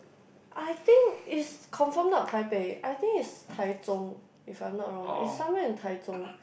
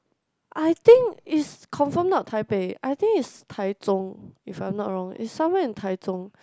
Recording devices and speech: boundary microphone, close-talking microphone, conversation in the same room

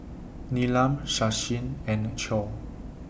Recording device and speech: boundary microphone (BM630), read sentence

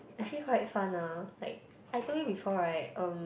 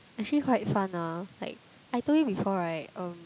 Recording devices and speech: boundary microphone, close-talking microphone, conversation in the same room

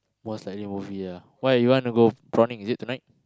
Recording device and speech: close-talking microphone, conversation in the same room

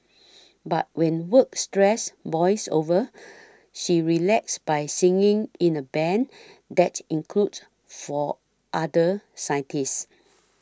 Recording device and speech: standing microphone (AKG C214), read sentence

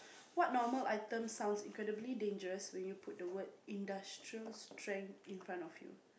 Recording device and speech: boundary microphone, conversation in the same room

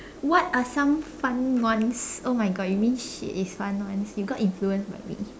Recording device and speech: standing microphone, conversation in separate rooms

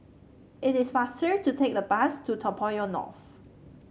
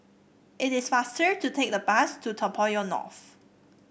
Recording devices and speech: mobile phone (Samsung C7), boundary microphone (BM630), read sentence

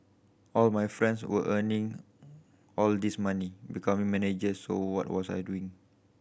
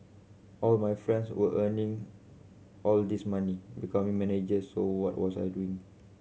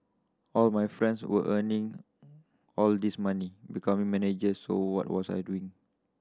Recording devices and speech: boundary microphone (BM630), mobile phone (Samsung C7100), standing microphone (AKG C214), read sentence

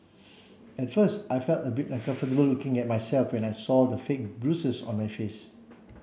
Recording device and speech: mobile phone (Samsung C7), read sentence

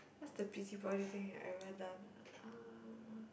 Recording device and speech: boundary microphone, conversation in the same room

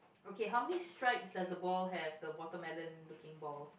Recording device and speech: boundary microphone, conversation in the same room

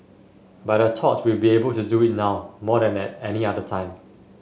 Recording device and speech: mobile phone (Samsung S8), read sentence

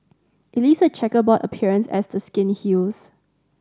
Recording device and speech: standing microphone (AKG C214), read sentence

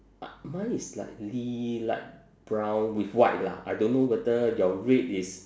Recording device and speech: standing microphone, conversation in separate rooms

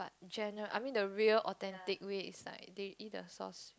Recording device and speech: close-talking microphone, conversation in the same room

